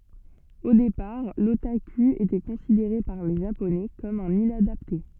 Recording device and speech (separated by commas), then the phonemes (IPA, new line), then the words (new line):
soft in-ear microphone, read sentence
o depaʁ lotaky etɛ kɔ̃sideʁe paʁ le ʒaponɛ kɔm œ̃n inadapte
Au départ, l'otaku était considéré par les Japonais comme un inadapté.